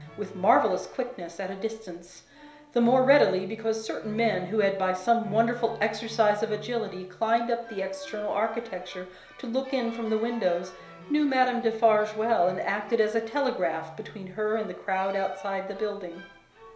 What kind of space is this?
A compact room (about 3.7 m by 2.7 m).